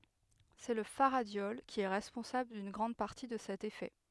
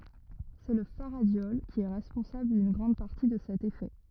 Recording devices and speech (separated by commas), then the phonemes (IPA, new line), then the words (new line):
headset microphone, rigid in-ear microphone, read sentence
sɛ lə faʁadjɔl ki ɛ ʁɛspɔ̃sabl dyn ɡʁɑ̃d paʁti də sɛt efɛ
C'est le faradiol qui est responsable d'une grande partie de cet effet.